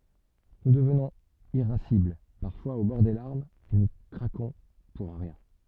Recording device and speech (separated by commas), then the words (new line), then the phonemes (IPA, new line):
soft in-ear microphone, read sentence
Nous devenons irascibles, parfois au bord des larmes et nous craquons pour un rien.
nu dəvnɔ̃z iʁasibl paʁfwaz o bɔʁ de laʁmz e nu kʁakɔ̃ puʁ œ̃ ʁjɛ̃